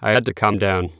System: TTS, waveform concatenation